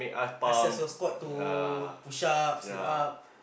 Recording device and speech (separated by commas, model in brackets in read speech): boundary microphone, conversation in the same room